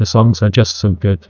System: TTS, neural waveform model